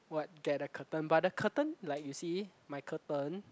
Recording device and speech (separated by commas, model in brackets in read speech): close-talking microphone, conversation in the same room